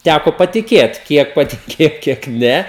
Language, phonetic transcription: Lithuanian, ˈtæko patiˈkėt ˈkiek patiˈkėjo kiek ˈne

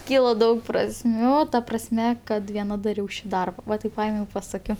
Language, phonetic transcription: Lithuanian, ˈkyla ˈdaug prasˈmių o ˈta prasˈme ˈkad vieˈna daˈriau ˈšį ˈdarba ˈva ˈtaip ˈpaėmiau i paˈsakio

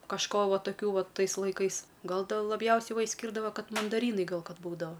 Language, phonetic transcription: Lithuanian, kažˈko ˈva taˈkių ˈva ˈtais laiˈkais ˈgal dėl laˈbjausiai ˈva išsˈkyrdava ˈkad mandaˈrynai ˈgal ˈkad ˈbūdava

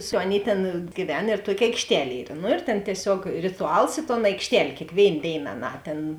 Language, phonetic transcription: Lithuanian, su ˈaˌnėi ˈtėn gyˈven ir ˈtuoki aikšˈtel' ˈyr nu ir tėn tieˈsiog rituˈals i ton aikšˈtel' kėkˈvėin ˈdėin aˈnā ˈtėn

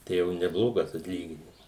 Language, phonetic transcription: Lithuanian, ˈtai jau neˈblogas atˈlyginims

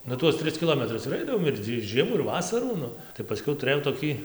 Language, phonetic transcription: Lithuanian, ˈnu ˈtuos ˈtris kiˈlometrus ir ˈaidavom ir ˈtį ˈžiemą ir ˈvasarų ˈnu tai paˈskiau tuˈrɘjau toˈkį

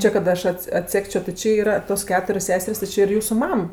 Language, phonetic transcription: Lithuanian, ˈči kad ˈaš ˈats atˈsekčio ti ˈči yˈra tos ˈketurios ˈseser's' ti ˈči ir ˈjūsu ˈmam

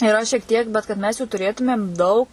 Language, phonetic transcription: Lithuanian, yˈra šiek ˈtiek bet kad ˈmes jų tuˈrėtumėm ˈdaug

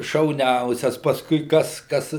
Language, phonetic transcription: Lithuanian, šauˈniausias pasˈkui ˈkas ˈkas

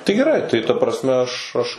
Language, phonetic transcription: Lithuanian, tai geˈrai tai ta prasˈme ˈaš ˈaš

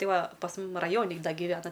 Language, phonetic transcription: Lithuanian, ˈtai ˈva pas ˈmum raˈjoni ˈda giˈvena

